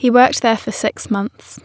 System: none